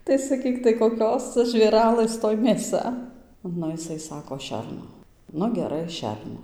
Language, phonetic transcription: Lithuanian, tai saˈkyk tai koˈkios ˈca žvėˈralɘs ˈtoj mėˈsa ˈnu jiˈsai ˈsako ˈšerno ˈnu geˈrai ˈšerno

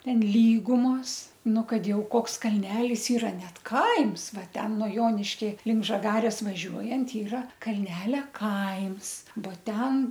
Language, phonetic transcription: Lithuanian, ˈten ˈlygumos ˈnu ˈkad ˈjau ˈkoks kalˈnelis iˈra ˈnet ˈkaims ˈva ˈten nuo ˈjoniškia link žaˈgarės vaˈžiuojant ˈyra kalˈnelia ˈkaims bo ˈten

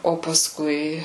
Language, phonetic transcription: Lithuanian, o pasˈkui

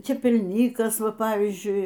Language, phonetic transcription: Lithuanian, čepelˈnykas ˈva ˈpavyzdžiui

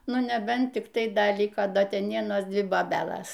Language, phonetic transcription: Lithuanian, ˈnu neˈbent ˈtik tai ˈda ˈliko ˈda ˈten ˈvienos ˈdvi boˈbelas

